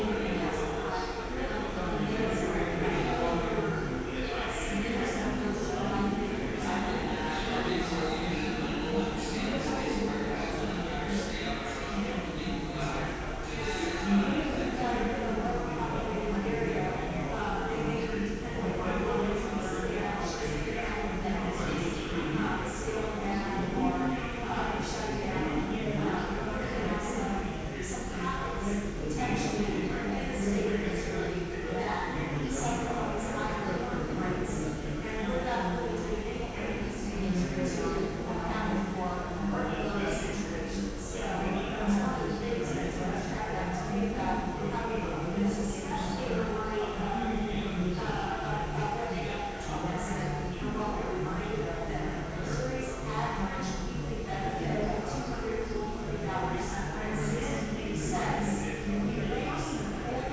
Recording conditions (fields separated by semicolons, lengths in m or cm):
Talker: no one; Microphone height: 1.7 m; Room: very reverberant, large; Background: babble